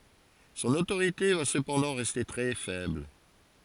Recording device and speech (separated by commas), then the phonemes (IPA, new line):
forehead accelerometer, read sentence
sɔ̃n otoʁite va səpɑ̃dɑ̃ ʁɛste tʁɛ fɛbl